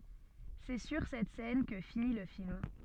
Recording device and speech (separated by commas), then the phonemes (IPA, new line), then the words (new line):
soft in-ear microphone, read sentence
sɛ syʁ sɛt sɛn kə fini lə film
C'est sur cette scène que finit le film.